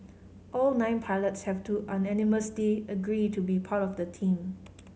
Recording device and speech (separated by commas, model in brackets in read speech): mobile phone (Samsung C5010), read sentence